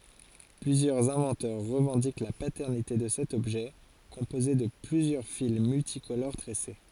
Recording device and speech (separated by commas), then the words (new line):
forehead accelerometer, read sentence
Plusieurs inventeurs revendiquent la paternité de cet objet composé de plusieurs fils multicolores tressés.